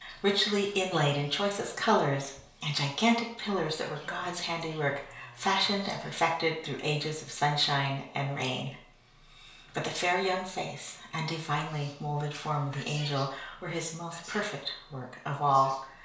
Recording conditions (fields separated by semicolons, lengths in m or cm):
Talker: one person; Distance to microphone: 1.0 m; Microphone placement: close; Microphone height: 1.1 m; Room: small (3.7 m by 2.7 m); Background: television